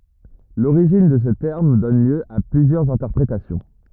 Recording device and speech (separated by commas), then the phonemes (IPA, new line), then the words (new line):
rigid in-ear microphone, read sentence
loʁiʒin də sə tɛʁm dɔn ljø a plyzjœʁz ɛ̃tɛʁpʁetasjɔ̃
L’origine de ce terme donne lieu à plusieurs interprétations.